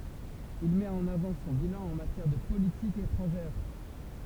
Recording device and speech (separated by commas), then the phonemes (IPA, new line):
temple vibration pickup, read sentence
il mɛt ɑ̃n avɑ̃ sɔ̃ bilɑ̃ ɑ̃ matjɛʁ də politik etʁɑ̃ʒɛʁ